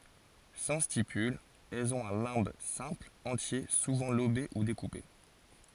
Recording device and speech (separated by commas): forehead accelerometer, read sentence